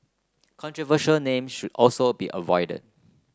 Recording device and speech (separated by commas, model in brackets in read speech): close-talking microphone (WH30), read sentence